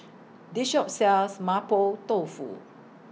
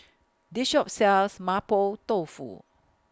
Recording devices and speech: mobile phone (iPhone 6), close-talking microphone (WH20), read sentence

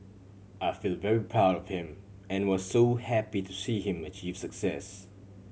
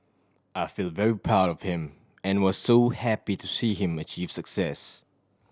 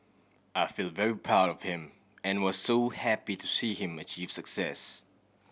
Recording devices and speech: mobile phone (Samsung C7100), standing microphone (AKG C214), boundary microphone (BM630), read sentence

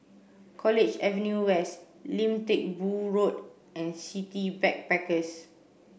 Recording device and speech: boundary microphone (BM630), read sentence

